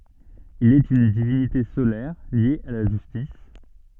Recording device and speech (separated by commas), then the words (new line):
soft in-ear microphone, read sentence
Il est une divinité solaire liée à la justice.